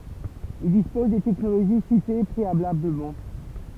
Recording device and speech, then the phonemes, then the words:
temple vibration pickup, read sentence
il dispoz de tɛknoloʒi site pʁealabləmɑ̃
Ils disposent des technologies citées préalablement.

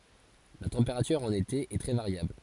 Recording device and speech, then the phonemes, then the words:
forehead accelerometer, read sentence
la tɑ̃peʁatyʁ ɑ̃n ete ɛ tʁɛ vaʁjabl
La température en été est très variable.

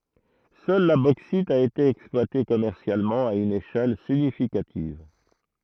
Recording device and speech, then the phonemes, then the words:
throat microphone, read sentence
sœl la boksit a ete ɛksplwate kɔmɛʁsjalmɑ̃ a yn eʃɛl siɲifikativ
Seule la bauxite a été exploitée commercialement à une échelle significative.

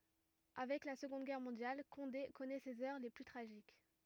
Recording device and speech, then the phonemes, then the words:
rigid in-ear microphone, read sentence
avɛk la səɡɔ̃d ɡɛʁ mɔ̃djal kɔ̃de kɔnɛ sez œʁ le ply tʁaʒik
Avec la Seconde Guerre mondiale, Condé connaît ses heures les plus tragiques.

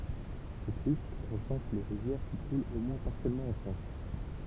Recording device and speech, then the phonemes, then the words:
temple vibration pickup, read sentence
sɛt list ʁəsɑ̃s le ʁivjɛʁ ki kult o mwɛ̃ paʁsjɛlmɑ̃ ɑ̃ fʁɑ̃s
Cette liste recense les rivières qui coulent au moins partiellement en France.

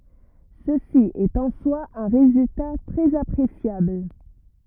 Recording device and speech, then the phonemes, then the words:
rigid in-ear microphone, read sentence
səsi ɛt ɑ̃ swa œ̃ ʁezylta tʁɛz apʁesjabl
Ceci est en soi un résultat très appréciable.

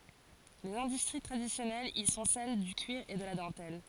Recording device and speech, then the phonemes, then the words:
forehead accelerometer, read sentence
lez ɛ̃dystʁi tʁadisjɔnɛlz i sɔ̃ sɛl dy kyiʁ e də la dɑ̃tɛl
Les industries traditionnelles y sont celles du cuir et de la dentelle.

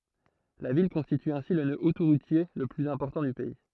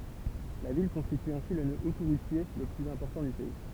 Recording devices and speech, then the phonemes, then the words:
throat microphone, temple vibration pickup, read sentence
la vil kɔ̃stity ɛ̃si lə nø otoʁutje lə plyz ɛ̃pɔʁtɑ̃ dy pɛi
La ville constitue ainsi le nœud autoroutier le plus important du pays.

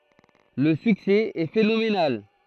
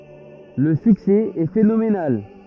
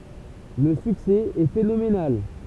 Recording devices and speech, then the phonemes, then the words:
throat microphone, rigid in-ear microphone, temple vibration pickup, read sentence
lə syksɛ ɛ fenomenal
Le succès est phénoménal.

